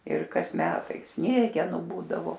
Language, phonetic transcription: Lithuanian, ir ˈkas ˈmetai ˈsniegenu ˈbūdavo

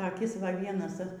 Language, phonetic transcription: Lithuanian, taˈkis ˈva ˈvienas

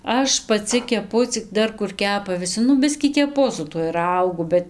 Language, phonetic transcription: Lithuanian, ˈaš paˈci keˈpu cik ˈdar kur ˈkepa viˈsi ˈnu ˈbiskį keˈpu su tuoj ˈraugu ˈbet

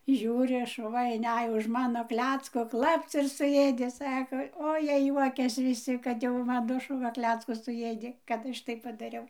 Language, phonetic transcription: Lithuanian, ˈžiūri ˈšuva inˈæj už ˈmano ˈklecko ˈklapc ir suˈjėdė ˈsako o ˈjie ˈjuokias viˈsi ˈkad jau ˈmano šuˈva ˈkleckus suˈjėdė kad ˈaš taip padaˈriau

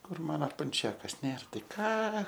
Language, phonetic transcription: Lithuanian, ˈkur ˈmana panˈčiakas ˈnėr ˈtai ˈką

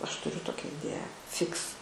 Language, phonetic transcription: Lithuanian, ˈaš tuˈriu ˈtokia iˈdėją ˈfiks

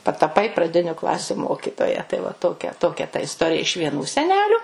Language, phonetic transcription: Lithuanian, pataˈpai praˈdiniu ˈklasiu ˈmokitoja tai va ˈtokia ˈtokia ta isˈtorija iš vieˈnų seˈneliu

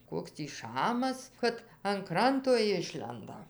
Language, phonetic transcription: Lithuanian, ˈkoks tį ˈšamas ˈkad an ˈkranto ˈišlenda

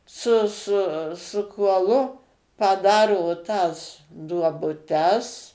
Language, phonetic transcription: Lithuanian, su ˈsu su kuoˈlu paˈdaro tas duobuˈtes

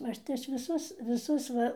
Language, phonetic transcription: Lithuanian, ˈaš tai ˈaš viˈsus viˈsus ˈva

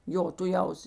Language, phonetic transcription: Lithuanian, ˈjo tuˈjaus

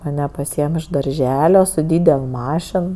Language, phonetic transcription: Lithuanian, maˈne paˈsyem iš darˈželio su ˈdydel ˈmašin

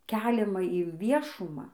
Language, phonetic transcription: Lithuanian, ˈkeliama inˈviešumą

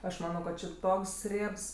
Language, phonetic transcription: Lithuanian, ˈaš ˈmano kad či ˈtoks ˈriebs

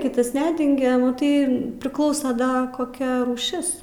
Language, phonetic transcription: Lithuanian, ˈkitas ˈnedengia maˈtai priˈklausa ˈda koˈkia rūˈšis

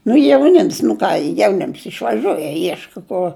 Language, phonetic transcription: Lithuanian, nu jauˈnims nu ˈką jauˈnims išvaˈžiuoj jie ˈieška ˈkur

